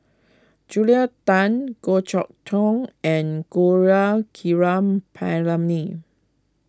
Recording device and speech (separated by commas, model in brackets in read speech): close-talking microphone (WH20), read sentence